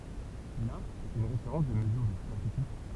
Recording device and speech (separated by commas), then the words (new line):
temple vibration pickup, read sentence
L'are est une référence de mesure de superficie.